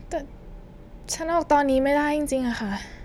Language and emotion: Thai, sad